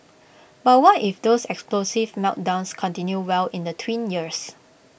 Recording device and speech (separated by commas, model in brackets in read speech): boundary microphone (BM630), read sentence